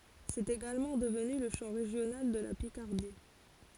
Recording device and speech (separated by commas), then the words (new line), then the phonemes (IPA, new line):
forehead accelerometer, read sentence
C'est également devenu le chant régional de la Picardie.
sɛt eɡalmɑ̃ dəvny lə ʃɑ̃ ʁeʒjonal də la pikaʁdi